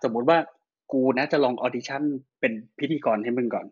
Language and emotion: Thai, neutral